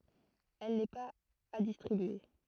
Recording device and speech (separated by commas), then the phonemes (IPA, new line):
throat microphone, read sentence
ɛl nɛ paz a distʁibye